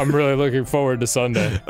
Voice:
Deeply